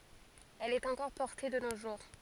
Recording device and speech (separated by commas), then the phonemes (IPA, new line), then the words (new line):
forehead accelerometer, read sentence
ɛl ɛt ɑ̃kɔʁ pɔʁte də no ʒuʁ
Elle est encore portée de nos jours.